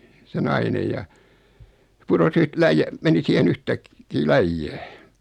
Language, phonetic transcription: Finnish, se 'nainej ja , 'puros yht 'läij- , meni 'siihen 'yhtäk- , -kii "läijjää .
- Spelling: se nainen ja putosi - - meni siihen - yhtäkkiä läjään

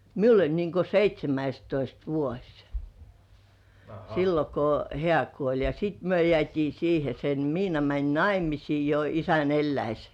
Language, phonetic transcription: Finnish, miul ‿oĺ niŋko "seit́śemäistoist 'vuoś , sillo ko "hĕä̀ 'kuoĺ ja sìt "myö 'jĕä̀t́ii 'siihe sen 'Miina mäń "naimisii jo isän 'elläis .
- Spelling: minulla oli niin kuin seitsemästoista vuosi silloin kun hän kuoli ja sitten me jäätiin siihen sen Miina meni naimisiin jo isän eläessä

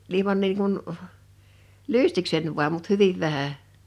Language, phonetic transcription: Finnish, 'ilⁱman niiŋ kun , "lystikseń vu̬am mut "hyviv 'vähä .
- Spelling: ilman niin kuin lystikseni vain mutta hyvin vähän

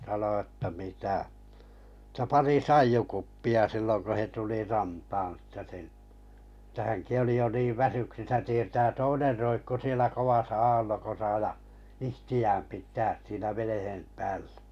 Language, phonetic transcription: Finnish, sano ᵊttä 'mitä , [et]tä 'pari "saijjukuppi₍a 'sillon ko 'he tuli 'rantaan että sen , että häŋki oli jo niiv 'väsyksisä tietää 'toiner roikku sielä 'kovasa 'aallokosa ja , 'ihti₍ääm pit̀ääs 'siinä 'venehem pääʟʟᴀ̈ .
- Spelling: sanoi että mitä että pari saijukuppia silloin kun he tuli rantaan että sen että hänkin oli jo niin väsyksissä tietää toinen roikkui siellä kovassa aallokossa ja itseään pitää siinä veneen päällä

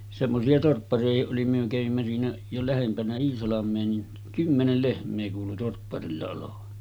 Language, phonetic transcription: Finnish, semmosi₍a 'torppari₍ahi’ ’oli myö 'kävimmä siinä , jo 'lähempänä "Iisalam̆mee niin , 'kymmenel 'lehm̆mee kuulu 'torpparilla olovan .
- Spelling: semmoisia torppariakin oli me kävimme siinä jo lähempänä Iisalmea niin kymmenen lehmää kuului torpparilla olevan

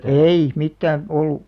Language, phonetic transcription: Finnish, ei , 'mittääⁿ , 'ollu .
- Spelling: ei mitään ollut

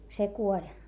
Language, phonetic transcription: Finnish, se kuoĺ .
- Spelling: se kuoli

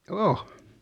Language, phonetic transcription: Finnish, o .
- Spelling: on

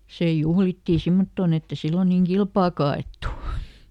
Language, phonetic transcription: Finnish, ˈsè ˈjuhlitti "simmottoon ‿ett ‿e ˈsillon niiŋ "kilpaaka ˈa₍èttu .
- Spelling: se juhlittiin semmottoon että ei silloin niin kilpaakaan ajettu

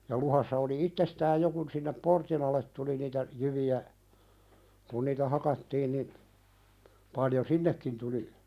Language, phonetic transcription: Finnish, ja 'luhassa oli "ittestääj 'jo kun sinnep "portin al̆let tuli niitä , 'jyvi₍ä , kun niitä "hakattiin nin , 'paljo "sinnekkin tuli .
- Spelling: ja luhdassa oli itsestään jo kun sinne portin alle tuli niitä jyviä kun niitä hakattiin niin paljon sinnekin tuli

